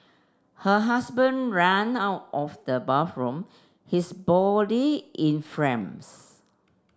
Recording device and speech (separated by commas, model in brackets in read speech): standing microphone (AKG C214), read sentence